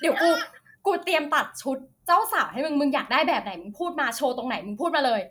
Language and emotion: Thai, happy